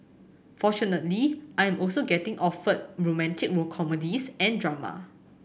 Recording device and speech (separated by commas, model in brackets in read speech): boundary microphone (BM630), read sentence